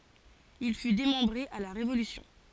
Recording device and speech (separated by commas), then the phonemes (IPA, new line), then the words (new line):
forehead accelerometer, read sentence
il fy demɑ̃bʁe a la ʁevolysjɔ̃
Il fut démembré à la Révolution.